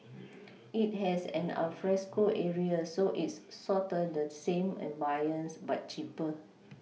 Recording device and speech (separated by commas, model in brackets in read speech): mobile phone (iPhone 6), read sentence